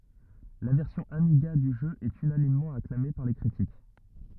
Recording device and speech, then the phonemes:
rigid in-ear microphone, read sentence
la vɛʁsjɔ̃ amiɡa dy ʒø ɛt ynanimmɑ̃ aklame paʁ le kʁitik

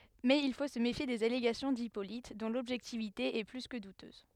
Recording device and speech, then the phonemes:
headset microphone, read sentence
mɛz il fo sə mefje dez aleɡasjɔ̃ dipolit dɔ̃ lɔbʒɛktivite ɛ ply kə dutøz

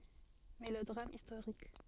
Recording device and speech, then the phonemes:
soft in-ear microphone, read sentence
melodʁam istoʁik

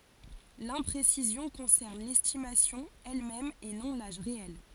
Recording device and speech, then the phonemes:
forehead accelerometer, read sentence
lɛ̃pʁesizjɔ̃ kɔ̃sɛʁn lɛstimasjɔ̃ ɛlmɛm e nɔ̃ laʒ ʁeɛl

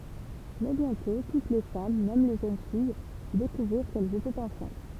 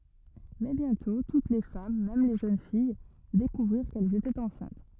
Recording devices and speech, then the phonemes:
temple vibration pickup, rigid in-ear microphone, read sentence
mɛ bjɛ̃tɔ̃ tut le fam mɛm le ʒøn fij dekuvʁiʁ kɛlz etɛt ɑ̃sɛ̃t

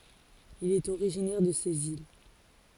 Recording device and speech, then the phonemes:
forehead accelerometer, read sentence
il ɛt oʁiʒinɛʁ də sez il

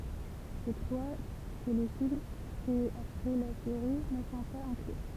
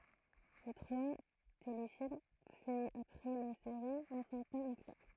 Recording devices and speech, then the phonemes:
temple vibration pickup, throat microphone, read sentence
le tʁwa telefilm fɛz apʁɛ la seʁi nə sɔ̃ paz ɛ̃kly

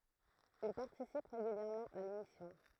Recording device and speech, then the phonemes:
throat microphone, read sentence
il paʁtisip ʁeɡyljɛʁmɑ̃ a lemisjɔ̃

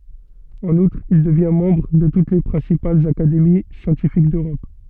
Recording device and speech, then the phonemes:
soft in-ear microphone, read sentence
ɑ̃n utʁ il dəvjɛ̃ mɑ̃bʁ də tut le pʁɛ̃sipalz akademi sjɑ̃tifik døʁɔp

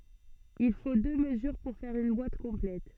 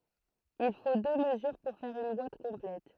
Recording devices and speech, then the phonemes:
soft in-ear microphone, throat microphone, read sentence
il fo dø məzyʁ puʁ fɛʁ yn bwat kɔ̃plɛt

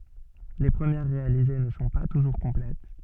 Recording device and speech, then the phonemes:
soft in-ear microphone, read sentence
le pʁəmjɛʁ ʁealize nə sɔ̃ pa tuʒuʁ kɔ̃plɛt

